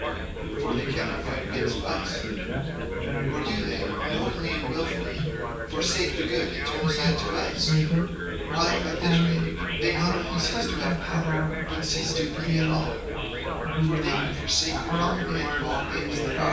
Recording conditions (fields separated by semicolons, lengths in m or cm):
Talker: one person; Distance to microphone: 9.8 m; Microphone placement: far; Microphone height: 1.8 m; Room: large; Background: babble